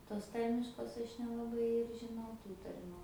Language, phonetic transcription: Lithuanian, tos ˈtarmiškos ˈaš nelaˈbai ir žiˈnau ˈtų tarˈmiu

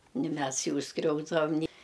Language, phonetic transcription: Lithuanian, ni ˈmes ˈjų ˈskriausdavam ni

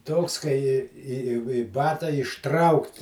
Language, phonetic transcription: Lithuanian, ˈtoks kai i i i i ˈbata išˈtraukt

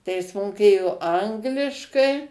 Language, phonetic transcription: Lithuanian, tai ˈjis moˈkėjo ˈangliškai

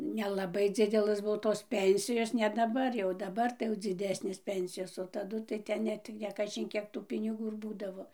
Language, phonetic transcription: Lithuanian, nelaˈbai ˈdzidelɘs ˈbuo tos ˈpensijos ne daˈbar jau daˈbar tai jau dziˈdesnės ˈpensijos o taˈdu tai ˈten ˈnet kaˈžin ˈkiek tų piniˈgų ir ˈbūdavo

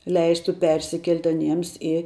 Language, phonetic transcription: Lithuanian, ˈleistu ˈpersikelt' aˈniems i

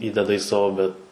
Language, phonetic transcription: Lithuanian, ˈįdeda į ˈsavo bet

